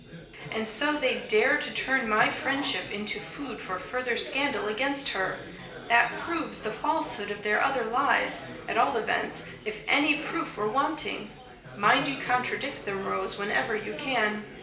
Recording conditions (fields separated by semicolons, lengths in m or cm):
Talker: one person; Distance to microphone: 1.8 m; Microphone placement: close; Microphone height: 1.0 m; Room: large; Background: babble